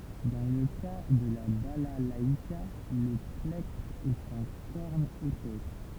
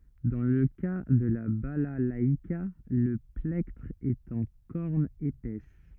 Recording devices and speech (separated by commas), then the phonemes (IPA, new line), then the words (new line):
temple vibration pickup, rigid in-ear microphone, read sentence
dɑ̃ lə ka də la balalaika lə plɛktʁ ɛt ɑ̃ kɔʁn epɛs
Dans le cas de la balalaïka, le plectre est en corne épaisse.